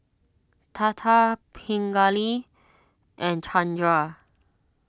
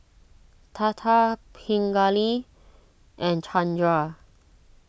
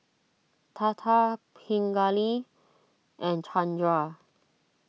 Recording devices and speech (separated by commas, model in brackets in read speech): standing microphone (AKG C214), boundary microphone (BM630), mobile phone (iPhone 6), read sentence